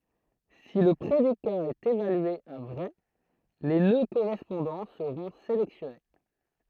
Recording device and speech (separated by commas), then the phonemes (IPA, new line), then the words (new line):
throat microphone, read sentence
si lə pʁedika ɛt evalye a vʁɛ le nø koʁɛspɔ̃dɑ̃ səʁɔ̃ selɛksjɔne
Si le prédicat est évalué à vrai, les nœuds correspondants seront sélectionnés.